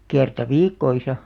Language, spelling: Finnish, kerran viikossa
- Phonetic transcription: 'kerta "viikkoisa .

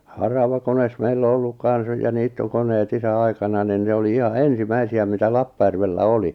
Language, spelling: Finnish, haravakone meillä on ollut kanssa ja niittokoneet isän aikana niin ne oli ihan ensimmäisiä mitä Lappajärvellä oli
- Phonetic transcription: 'haravakones 'meill ‿o olluk 'kan̬s ja 'niittokoneet 'isä 'aikana nin 'ne oli "iha "ensi'mäisi₍ä mitä 'Lappajärvellä "oli .

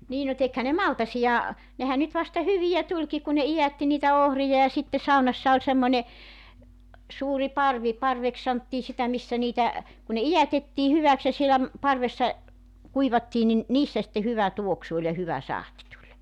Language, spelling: Finnish, niin no tekihän ne maltaita nehän nyt vasta hyviä tulikin kun ne idätti niitä ohria ja sitten saunassa oli semmoinen suuri parvi parveksi sanottiin sitä missä niitä kun ne idätettiin hyväksi ja siellä parvessa kuivattiin niin niissä sitten hyvä tuoksu oli ja hyvä sahti tuli
- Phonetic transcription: nii no 'tekhä ne "maltasija , nehä nyt vasta 'hyvijä 'tuĺki ku ne 'ijätti niitä 'ohrija ja sitte 'saunassa oĺ 'semmońe , 'suuri 'parvi , 'parveks santtii sitä 'missä niitä , kun ne "ijätettii 'hyväks ja 'sielä , 'parvessa , 'kuivattii nin , "niissä sⁱtte 'hyvä 'tuoksu oĺ ja 'hyvä 'sahti tuĺ .

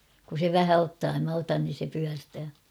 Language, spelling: Finnish, kun se vähän ottaa ja minä otan niin se pyörtää
- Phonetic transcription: kun̬ se 'vähä 'ottaa (ja) mä 'otan nin̬ se 'pyärtää .

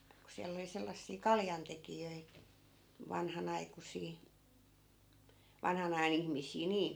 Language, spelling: Finnish, kun siellä oli sellaisia kaljantekijöitä vanhanaikuisia vanhan ajan ihmisiä niin
- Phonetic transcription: ku 'siäll ‿oli 'sellassii "kaljantekijöi , 'vanhanaikusii , 'vanhan ‿aja'n ‿ihmis̆sii "niin̬ .

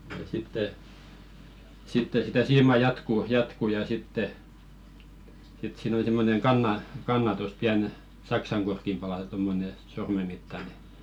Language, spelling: Finnish, ja sitten sitten sitä siimaa jatkuu jatkuu ja sitten sitten siinä on semmoinen - kannatus pieni saksankorkin palanen tuommoinen sormen mittainen
- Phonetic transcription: ja sitte , 'sitte sitä 'siimà "jatkù 'jatku ja sitte , sit siin ‿oˡⁱ simmoneŋ 'kanna- , "kannatus 'piän , "saksaŋɢork̀im pala-(ne) tommone , 'sorme mittane .

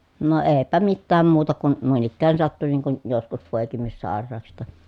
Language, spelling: Finnish, no eipä mitään muuta kuin noin ikään sattui niin kuin joskus poikimissairauksista
- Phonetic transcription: no eepä mittääm muuta kun , nùin ‿ikkään sattu niiŋ kun , joskus pòekimissàer̀aa(k)sista

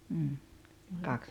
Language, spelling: Finnish, mm kaksi
- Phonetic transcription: m̥m̥ , 'kaks ,.

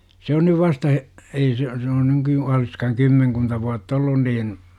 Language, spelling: Finnish, se on nyt vasta he ei se se on - olisikohan kymmenkunta vuotta ollut niin
- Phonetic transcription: 'se on nyv 'vasta hE- , 'ei se , se on nyky- , oliskahaŋ 'kymmeŋkunta vuat"t ‿ollun niin .

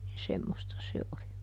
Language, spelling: Finnish, niin semmoista se oli
- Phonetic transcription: nin ˈsemmosta ˈse oli .

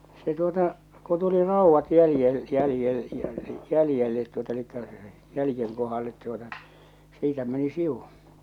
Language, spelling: Finnish, se tuota kun tuli raudat - - jäljelle tuota eli jäljen kohdalle tuota siitä meni sivu
- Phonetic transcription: se tuota , ko tuli 'ràuvvat jäljel- jäljel- 'jälⁱjellet tuota elikkä , 'jälⁱjeŋ kohallet tuota , 'siitä meni "siWu .

